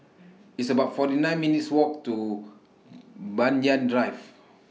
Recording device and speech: mobile phone (iPhone 6), read sentence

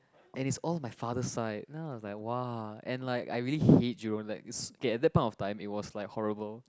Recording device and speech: close-talking microphone, conversation in the same room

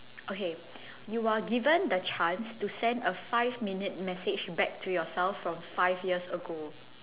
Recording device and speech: telephone, conversation in separate rooms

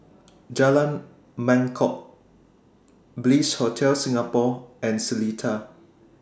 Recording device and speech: standing microphone (AKG C214), read sentence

